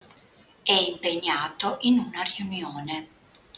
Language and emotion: Italian, neutral